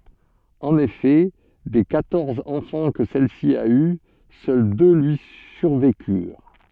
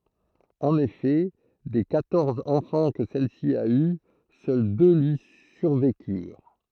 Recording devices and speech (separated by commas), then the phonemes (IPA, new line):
soft in-ear microphone, throat microphone, read sentence
ɑ̃n efɛ de kwatɔʁz ɑ̃fɑ̃ kə sɛlsi a y sœl dø lyi syʁvekyʁ